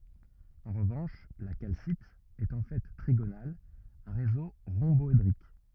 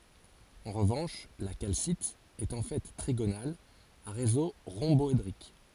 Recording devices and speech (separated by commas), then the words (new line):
rigid in-ear microphone, forehead accelerometer, read sentence
En revanche, la calcite est en fait trigonale à réseau rhomboédrique.